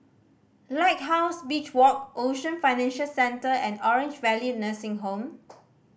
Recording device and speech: boundary microphone (BM630), read sentence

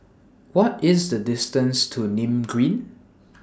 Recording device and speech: standing microphone (AKG C214), read sentence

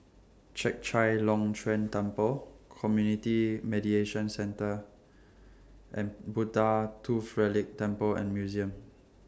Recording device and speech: standing microphone (AKG C214), read sentence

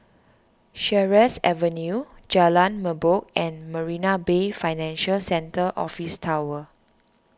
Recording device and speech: standing microphone (AKG C214), read sentence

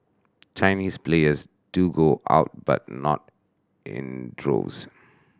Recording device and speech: standing microphone (AKG C214), read sentence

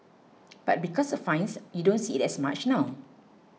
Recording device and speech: mobile phone (iPhone 6), read sentence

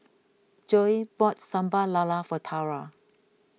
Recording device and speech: mobile phone (iPhone 6), read sentence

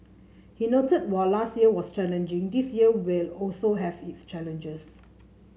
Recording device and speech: mobile phone (Samsung C7), read sentence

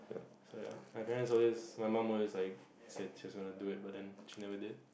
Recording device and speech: boundary microphone, conversation in the same room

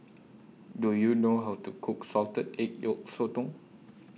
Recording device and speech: mobile phone (iPhone 6), read sentence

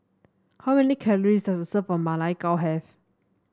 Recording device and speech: standing microphone (AKG C214), read sentence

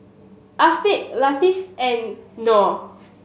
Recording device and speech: mobile phone (Samsung S8), read sentence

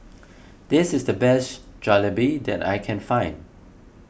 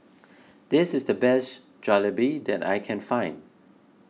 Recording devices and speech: boundary microphone (BM630), mobile phone (iPhone 6), read sentence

